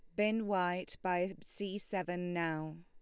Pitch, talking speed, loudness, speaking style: 180 Hz, 135 wpm, -37 LUFS, Lombard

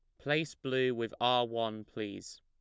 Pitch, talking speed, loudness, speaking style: 115 Hz, 165 wpm, -33 LUFS, plain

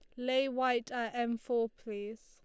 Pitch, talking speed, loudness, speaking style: 240 Hz, 175 wpm, -34 LUFS, Lombard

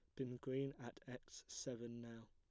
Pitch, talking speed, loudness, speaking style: 125 Hz, 170 wpm, -50 LUFS, plain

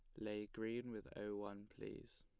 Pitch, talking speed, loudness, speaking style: 105 Hz, 180 wpm, -49 LUFS, plain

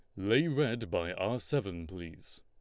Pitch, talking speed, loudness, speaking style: 110 Hz, 165 wpm, -33 LUFS, Lombard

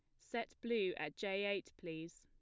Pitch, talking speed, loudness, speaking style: 190 Hz, 180 wpm, -42 LUFS, plain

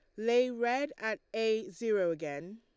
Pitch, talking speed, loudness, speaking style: 220 Hz, 155 wpm, -32 LUFS, Lombard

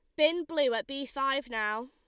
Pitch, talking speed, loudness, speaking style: 275 Hz, 215 wpm, -30 LUFS, Lombard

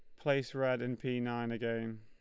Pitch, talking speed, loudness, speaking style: 120 Hz, 200 wpm, -36 LUFS, Lombard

